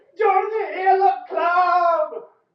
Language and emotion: English, happy